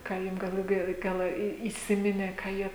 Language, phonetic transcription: Lithuanian, ˈką ˈjum gal laˈbiau ˈgal į įˈsiminė ką ˈjie

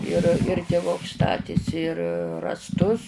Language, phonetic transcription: Lithuanian, ir ir tiˈvuks ˈstatėsi ir rąsˈtus

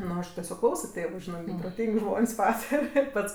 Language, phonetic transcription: Lithuanian, ˈnu aš teˈsiog ˈklauso ˈtėvu ˈžinɜ gi proˈtyng' ˈžmon's' ˈpatare ˈpats

